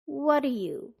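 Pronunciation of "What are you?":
In 'what do you', the vowel in 'do' is de-stressed: the oo sound becomes an uh sound, so 'do' sounds like 'da'.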